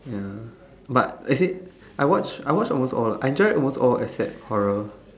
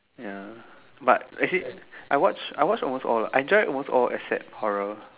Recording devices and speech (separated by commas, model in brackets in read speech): standing microphone, telephone, conversation in separate rooms